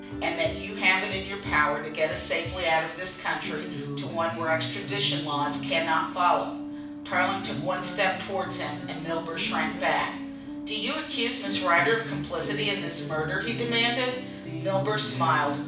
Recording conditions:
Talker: one person; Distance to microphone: 5.8 m; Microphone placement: far; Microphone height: 1.8 m; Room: medium-sized (5.7 m by 4.0 m); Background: music

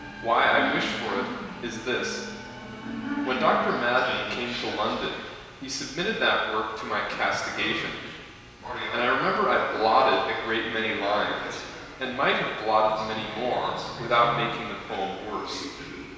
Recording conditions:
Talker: one person; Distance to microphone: 1.7 m; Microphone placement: close; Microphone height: 1.0 m; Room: very reverberant, large; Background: television

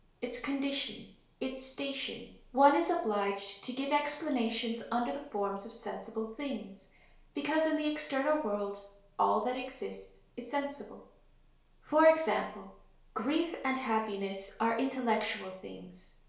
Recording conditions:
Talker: one person; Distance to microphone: 1.0 m; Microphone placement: close; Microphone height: 1.1 m; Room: small (3.7 m by 2.7 m); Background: none

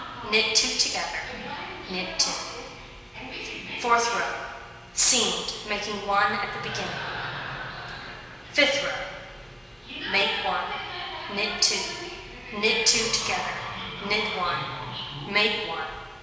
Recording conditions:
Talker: one person; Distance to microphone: 1.7 m; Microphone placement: close; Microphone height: 1.0 m; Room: very reverberant, large; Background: television

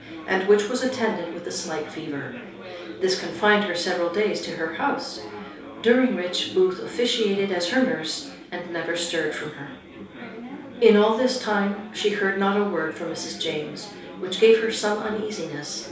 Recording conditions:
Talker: one person; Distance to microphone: 3.0 m; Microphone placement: far; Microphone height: 1.8 m; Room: small (3.7 m by 2.7 m); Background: babble

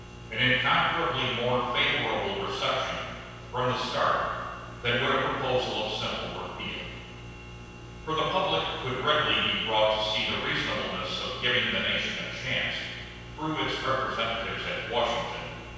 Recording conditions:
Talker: one person; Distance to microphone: 7.1 m; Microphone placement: far; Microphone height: 1.7 m; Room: very reverberant, large; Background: none

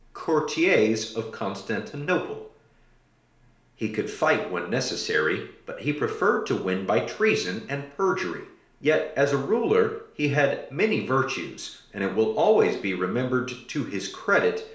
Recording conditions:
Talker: one person; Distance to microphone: 1.0 m; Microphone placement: close; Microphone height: 1.1 m; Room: small (3.7 m by 2.7 m); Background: none

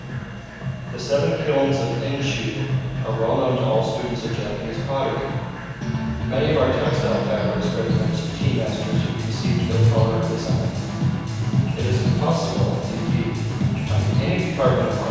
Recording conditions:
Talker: one person; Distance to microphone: 7.1 m; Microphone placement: far; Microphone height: 1.7 m; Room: very reverberant, large; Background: music

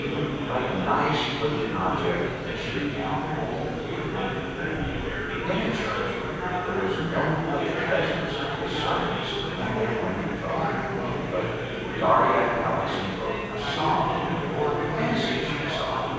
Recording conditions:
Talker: one person; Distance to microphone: 7.1 m; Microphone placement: far; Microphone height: 1.7 m; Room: very reverberant, large; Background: babble

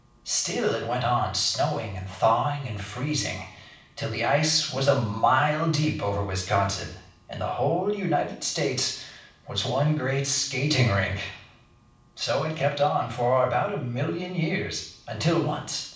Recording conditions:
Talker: one person; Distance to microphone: 5.8 m; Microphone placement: far; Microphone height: 1.8 m; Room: medium-sized (5.7 m by 4.0 m); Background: none

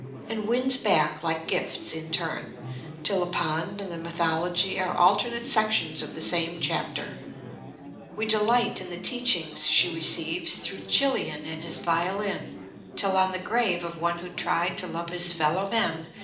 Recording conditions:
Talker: one person; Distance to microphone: 2.0 m; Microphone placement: close; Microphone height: 99 cm; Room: medium-sized (5.7 m by 4.0 m); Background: babble

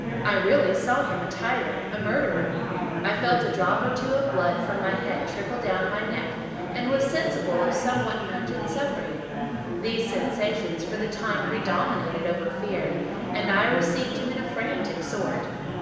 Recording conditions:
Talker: one person; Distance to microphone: 1.7 m; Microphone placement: close; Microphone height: 1.0 m; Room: very reverberant, large; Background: babble

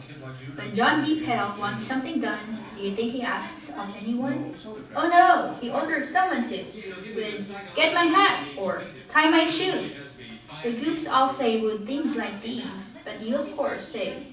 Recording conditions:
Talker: one person; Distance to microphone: 5.8 m; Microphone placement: far; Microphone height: 1.8 m; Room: medium-sized (5.7 m by 4.0 m); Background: television

